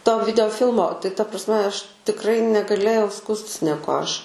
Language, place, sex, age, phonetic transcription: Lithuanian, Aukštaitija, female, 18-60, to videoˈfilmo tai ta prasˈme ˈaš tikˈrai negaˈlėjau ˈskųstis neˈkuo ˈaš

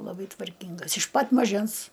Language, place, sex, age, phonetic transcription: Lithuanian, Aukštaitija, female, 60+, laˈbai tvarˈkyngas iš pat maˈžens

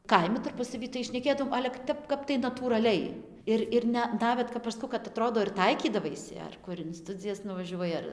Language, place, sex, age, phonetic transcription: Lithuanian, Dzūkija, female, 18-60, ˈkaimi tarˈpusavy tai šneˈkėdaom ˈale ka ˈtep ˈkap tai natūraˈliai ˈir ir ˈne ˈnavet kap aš ˈskau kad aˈtrodo ir ˈtaikydavaisi ar ˈkur in ˈstudzijas nuvaˈžiuoji ar

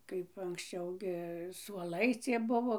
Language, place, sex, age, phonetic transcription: Lithuanian, Dzūkija, female, 60+, kaip anksˈčiau gi suoˈlai ˈcie ˈbuvo

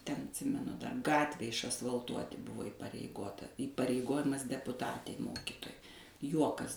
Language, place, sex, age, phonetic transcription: Lithuanian, Suvalkija, female, 60+, ten atˈsimenu ˈtą ˈgatvę išasvalˈtuoti ˈbuvo ipareiˈgota įpareiˈgojimas depuˈtatei ˈmokytojai ˈjuokas

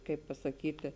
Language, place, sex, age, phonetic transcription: Lithuanian, Žemaitija, female, 18-60, ˈkaip pasaˈkyti

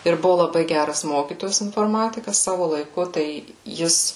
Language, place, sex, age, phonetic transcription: Lithuanian, Suvalkija, female, 18-60, ir ˈbuvo laˈbai ˈgæras ˈmokytojas inforˈmatikas ˈsavo laiˈku tai ˈjis

